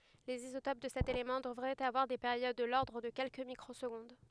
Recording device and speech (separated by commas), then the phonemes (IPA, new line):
headset microphone, read sentence
lez izotop də sɛt elemɑ̃ dəvʁɛt avwaʁ de peʁjod də lɔʁdʁ də kɛlkə mikʁozɡɔ̃d